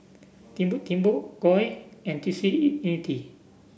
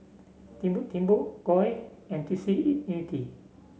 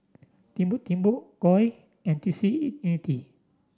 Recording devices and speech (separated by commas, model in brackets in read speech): boundary microphone (BM630), mobile phone (Samsung C7), standing microphone (AKG C214), read sentence